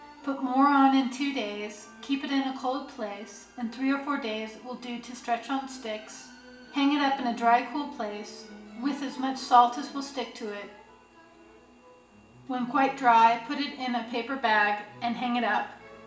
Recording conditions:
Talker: one person; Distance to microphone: 1.8 m; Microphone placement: close; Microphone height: 1.0 m; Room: large; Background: music

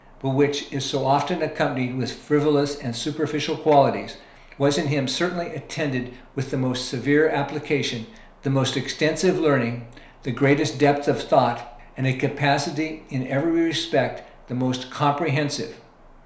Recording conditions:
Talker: one person; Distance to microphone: 1.0 m; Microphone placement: close; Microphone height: 1.1 m; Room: small (3.7 m by 2.7 m); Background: none

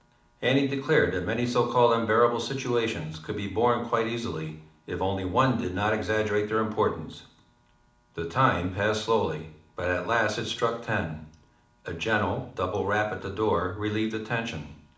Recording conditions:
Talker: one person; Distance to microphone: 2.0 m; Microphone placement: close; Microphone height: 99 cm; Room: medium-sized (5.7 m by 4.0 m); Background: none

